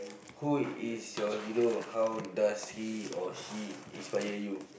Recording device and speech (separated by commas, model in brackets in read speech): boundary microphone, conversation in the same room